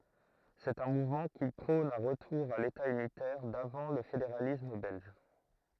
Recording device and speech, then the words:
throat microphone, read sentence
C'est un mouvement qui prône un retour à l'État unitaire d'avant le fédéralisme belge.

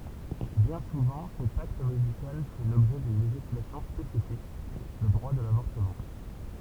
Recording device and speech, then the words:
temple vibration pickup, read sentence
Bien souvent cet acte médical fait l'objet d'une législation spécifique, le droit de l'avortement.

